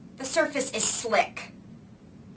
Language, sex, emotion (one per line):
English
female
angry